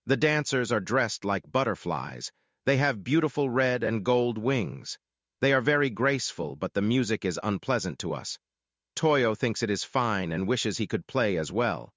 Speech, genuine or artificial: artificial